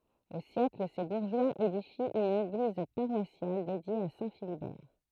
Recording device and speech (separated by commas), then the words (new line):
throat microphone, read sentence
Au siècle, ses bourgeois édifient une église paroissiale, dédiée à Saint Philibert.